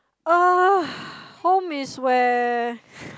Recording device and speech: close-talking microphone, conversation in the same room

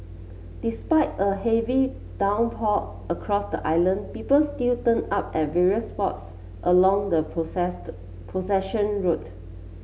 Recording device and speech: mobile phone (Samsung C7), read sentence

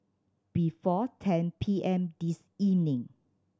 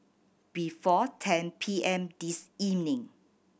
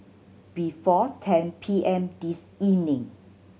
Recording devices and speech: standing microphone (AKG C214), boundary microphone (BM630), mobile phone (Samsung C7100), read sentence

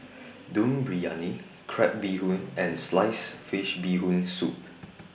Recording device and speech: boundary microphone (BM630), read sentence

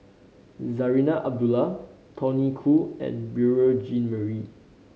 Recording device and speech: mobile phone (Samsung C5010), read sentence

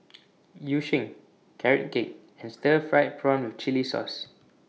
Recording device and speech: mobile phone (iPhone 6), read sentence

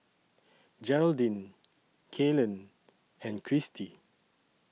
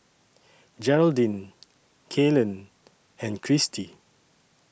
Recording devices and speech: mobile phone (iPhone 6), boundary microphone (BM630), read sentence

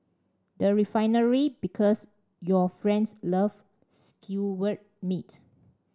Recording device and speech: standing microphone (AKG C214), read sentence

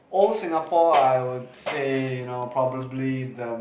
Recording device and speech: boundary microphone, conversation in the same room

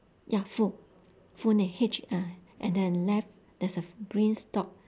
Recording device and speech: standing microphone, conversation in separate rooms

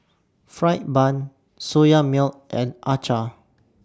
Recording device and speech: standing microphone (AKG C214), read sentence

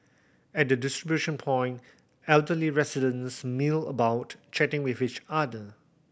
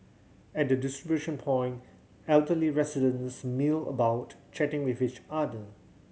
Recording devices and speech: boundary microphone (BM630), mobile phone (Samsung C7100), read sentence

